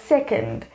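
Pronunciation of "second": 'second' is pronounced correctly here.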